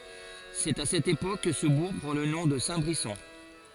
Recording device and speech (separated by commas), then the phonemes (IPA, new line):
forehead accelerometer, read sentence
sɛt a sɛt epok kə sə buʁ pʁɑ̃ lə nɔ̃ də sɛ̃tbʁisɔ̃